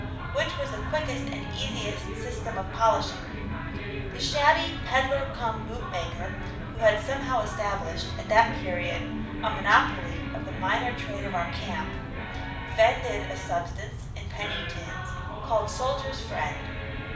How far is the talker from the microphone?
5.8 m.